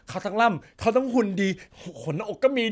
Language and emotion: Thai, happy